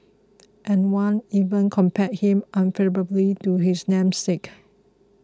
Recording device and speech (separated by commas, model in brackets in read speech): close-talking microphone (WH20), read sentence